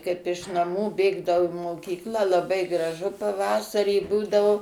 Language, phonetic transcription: Lithuanian, ˈkaip iš naˈmų ˈbėgdavau i moˈkyklą laˈbai ˈgražu paˈvasarį ˈbūdavo

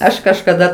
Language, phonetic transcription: Lithuanian, ˈaš kažkaˈda

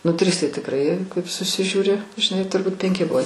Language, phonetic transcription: Lithuanian, ˈnu ˈtris tai tikˈrai kaip susižiūˈri žiˈnai turˈbūt penˈki ˈbuvo

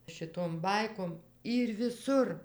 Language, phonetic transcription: Lithuanian, šiˈtom ˈbaikom ˈyr viˈsur

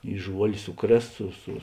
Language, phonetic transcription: Lithuanian, i ˈžuol' ˈsuˌkrės ˈsu su

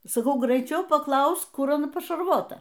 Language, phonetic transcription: Lithuanian, saˈkau greiˈčiau paˈklausk ˈkur aˈna pašarˈvota

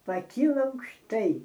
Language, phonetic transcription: Lithuanian, paˈkyla aukšˈtai

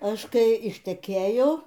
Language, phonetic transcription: Lithuanian, ˈaš ˈkai išteˈkėjo

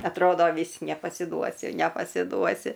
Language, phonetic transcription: Lithuanian, atˈrodo ˈvys nepasiˈduosi nepasiˈduosi

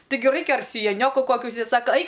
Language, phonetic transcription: Lithuanian, ˈtigi ˈraikia ar sijaˈnioku ˈkokiu užsiˈdėt ˈsaka ˈaik

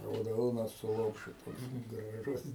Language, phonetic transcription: Lithuanian, rauˈdona su ˈlopšiu toks graˈžus

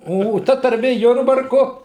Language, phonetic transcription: Lithuanian, o o ˈta tarˈmė ˈjurbarku

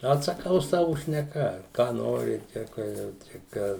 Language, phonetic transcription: Lithuanian, atsaˈkau ˈsavu šneˈka ką ˈnori ˈčia ka ˈjau čia ˈką

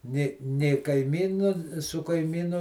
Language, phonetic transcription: Lithuanian, nė nė kaiˈmynu su kaiˈmynu

